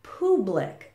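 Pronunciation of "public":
'public' is pronounced incorrectly here.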